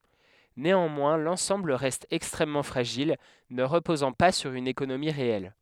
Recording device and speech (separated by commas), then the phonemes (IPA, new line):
headset microphone, read sentence
neɑ̃mwɛ̃ lɑ̃sɑ̃bl ʁɛst ɛkstʁɛmmɑ̃ fʁaʒil nə ʁəpozɑ̃ pa syʁ yn ekonomi ʁeɛl